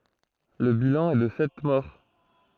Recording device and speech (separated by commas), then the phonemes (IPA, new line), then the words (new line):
throat microphone, read sentence
lə bilɑ̃ ɛ də sɛt mɔʁ
Le bilan est de sept morts.